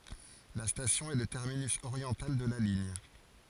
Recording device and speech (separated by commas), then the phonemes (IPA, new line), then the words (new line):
forehead accelerometer, read sentence
la stasjɔ̃ ɛ lə tɛʁminys oʁjɑ̃tal də la liɲ
La station est le terminus oriental de la ligne.